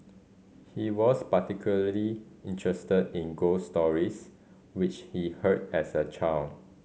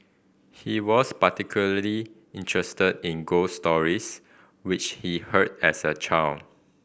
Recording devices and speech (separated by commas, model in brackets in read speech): mobile phone (Samsung C5010), boundary microphone (BM630), read sentence